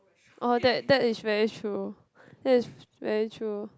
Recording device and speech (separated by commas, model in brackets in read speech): close-talking microphone, conversation in the same room